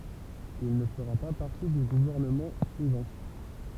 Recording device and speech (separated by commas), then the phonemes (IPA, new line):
temple vibration pickup, read sentence
il nə fəʁa pa paʁti dy ɡuvɛʁnəmɑ̃ syivɑ̃